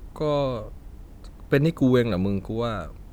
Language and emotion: Thai, frustrated